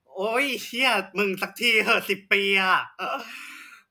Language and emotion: Thai, happy